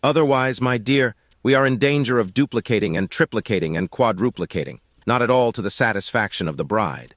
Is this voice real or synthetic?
synthetic